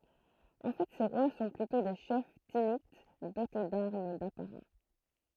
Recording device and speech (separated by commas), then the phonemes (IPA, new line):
throat microphone, read sentence
ɑ̃ fɛ se ʁwa sɔ̃ plytɔ̃ de ʃɛf tinit dote daʁm dapaʁa